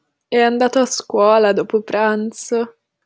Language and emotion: Italian, disgusted